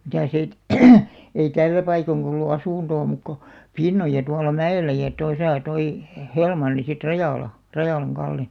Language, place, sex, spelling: Finnish, Alastaro, female, mitäs ei ei tällä paikoin ollut asuntoa muuta kuin Pinnoja tuolla mäellä ja tuossa tuo - Helmanni sitten Rajala Rajalan Kalle
- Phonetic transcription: mitäs ‿ei , 'ei "tällä paikoŋkᵃ ollu 'asùntoo mùk ko , "Pinnoja tualla 'mä₍ellä ja 'tosà toi , Hᴇ- "Helmanni sit 'Rajàla , "Rajàlaŋ 'Kalle .

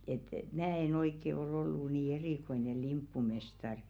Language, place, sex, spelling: Finnish, Velkua, female, että minä en oikein oli ollut niin erikoinen limppumestari
- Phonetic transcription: et "mää e'n ‿oikke ol ‿ollu nii "erìkoine 'limppumestar .

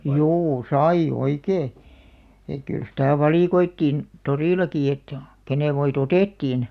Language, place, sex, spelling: Finnish, Alastaro, female, juu sai oikein että kyllä sitä valikoitiin torillakin että kenen voit otettiin
- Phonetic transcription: juu "sai'ʲ ‿oikee , et 'kyl sitä̀ "valìkoittiin , "torìlaki et , 'kenèv̆§ voi"t ‿otèttiin .

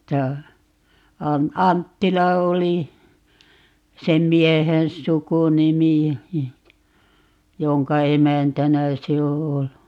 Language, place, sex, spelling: Finnish, Paavola, female, tämä - Anttila oli sen miehen sukunimi jonka emäntänä se on ollut
- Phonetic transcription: 'tää , 'am - 'Anttila 'oli , "sem 'miehen "sukunimi , 'joŋka "emäntänä 'se o ('ollu) .

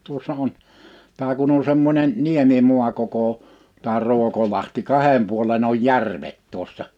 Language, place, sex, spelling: Finnish, Liperi, male, tuossa on tämä kun on semmoinen niemimaa koko tämä Ruokolahti kahden puolen oli järvet tuossa
- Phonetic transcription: 'tuossa on , 'tä kun ‿on̬ 'semmońen , "niemimua koko , tä 'Ru̬okolahti 'kahem puolen ‿oj "järvet 'tuossa .

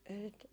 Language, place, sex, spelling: Finnish, Jaala, female, ei sitä
- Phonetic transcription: ei sit .

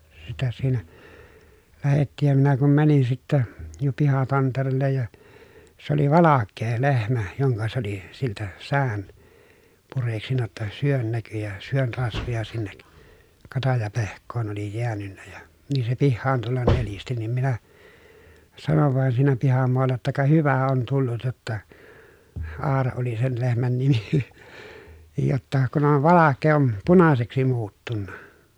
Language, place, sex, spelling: Finnish, Pielisjärvi, male, sitä siinä lähdettiin ja minä kun menin sitten ja pihatantereelle ja se oli valkea lehmä jonka se oli siltä säkän pureksinut jotta sydän näkyi ja sydän rasvoja sinne - katajapehkoon oli jäänyt ja niin se pihaan tulla nelisti niin minä sanoin vain siinä pihamaalla jotta ka hyvä on tullut jotta Aura oli sen lehmän nimi niin jotta kun on valkea on punaiseksi muuttunut
- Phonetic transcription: sitä siinä , lähettiij ja minä kum mänin sittä , ja pihatanterellej ja , s ‿oli valakkee lehmä , joŋka se ‿oli , siltä , sään , pureksinna ‿tta , syön näky ja , syön rasvoja sinnek , kataj apehk̆koon oli jeänynnä ja , nii se pihhaan tullan nelisti nim minä , sanov vàen siinä pihamoalla jotta » ka hyvä on tullut jotta » , Aara oli sen lehmän nimi nin , » jotta , kun ‿on valakkee om punaseksi muuttunna » .

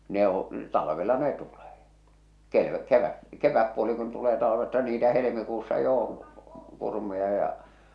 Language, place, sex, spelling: Finnish, Salla, male, ne on talvella ne tulee - - kevätpuoli kun tulee talvesta niitä helmikuussa jo on kurmuja ja
- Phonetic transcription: ne oo̰ , 'talavela 'ne tulee , 'ke- , 'kevä- , 'keväppuoli kun tulee talavesta niitä 'helemikuussa jo on̬ , 'kurmuja ja .

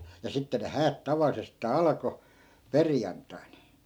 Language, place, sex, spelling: Finnish, Askola, male, ja sitten ne häät tavallisestaan alkoi perjantaina
- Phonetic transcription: ja 'sitte ne 'häät 'tavallisestaa "alko , "perjanttai̮n .

